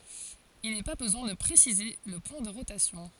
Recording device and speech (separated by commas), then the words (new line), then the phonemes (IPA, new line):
forehead accelerometer, read sentence
Il n'est pas besoin de préciser le point de rotation.
il nɛ pa bəzwɛ̃ də pʁesize lə pwɛ̃ də ʁotasjɔ̃